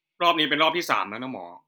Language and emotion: Thai, angry